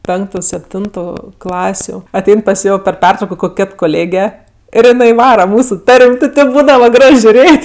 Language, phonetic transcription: Lithuanian, ˈpenktu sepˈtintu ˈklasiu aˈtein pas ˈjo per ˈpertrauko ˈkok' ˈkėt koˈlėge ir jiˈnai ˈvara ˈmūsu ˈtar'm' ti ˈtėp ˈbūdava ˈgraž žiuˈrėt'

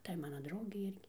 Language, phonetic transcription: Lithuanian, ˈtai ˈmana ˈdraugei ˈirgi

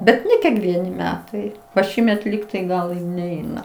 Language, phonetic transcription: Lithuanian, ˈbet ˈne kiekˈvieni ˈmetai va ˈšįmet ˈlygtai ˈgal ˈneina

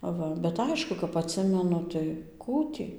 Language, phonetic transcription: Lithuanian, ˈva bet ˈaišku kap atˈsimenu tai ˈkų tį

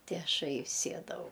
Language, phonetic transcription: Lithuanian, ti ˈašai ˈsiedavau

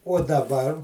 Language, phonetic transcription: Lithuanian, uo daˈbar

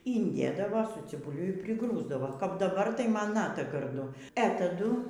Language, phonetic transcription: Lithuanian, ynˈdėdava su cibuˈliu ir priˈgrūsdavo kap daˈbar tai ˈman ˈnata garˈdu e taˈdu

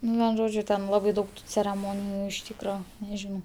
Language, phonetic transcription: Lithuanian, ˈnu ven ˈžodžiu ˈten ˈlabai ˈdaug tu cereˈmoniju iš ˈtykra neˈžinau

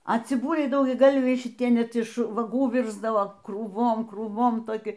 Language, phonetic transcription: Lithuanian, a ciˈbuliai daugiaˈgalviai šiˈtie ˈnet iš vaˈgų ˈvirsdavo krūˈvom krūˈvom toˈki

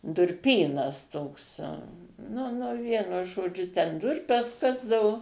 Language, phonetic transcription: Lithuanian, durˈpynas ˈtoks ˈnu ˈnu ˈvienu žoˈdžiu ten ˈdurpes ˈkasdavu

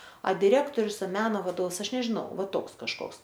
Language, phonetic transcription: Lithuanian, a diˈrektorius a ˈmeno vaˈdovs ˈaš nežiˈnau ˈva ˈtoks kažˈkoks

